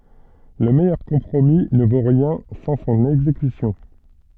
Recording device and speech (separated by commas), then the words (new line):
soft in-ear microphone, read sentence
Le meilleur compromis ne vaut rien sans son exécution.